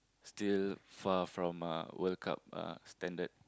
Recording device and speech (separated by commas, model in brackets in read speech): close-talking microphone, conversation in the same room